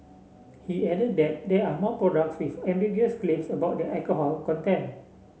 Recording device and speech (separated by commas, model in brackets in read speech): mobile phone (Samsung C7), read sentence